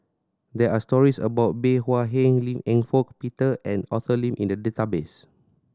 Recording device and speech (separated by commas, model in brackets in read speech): standing microphone (AKG C214), read sentence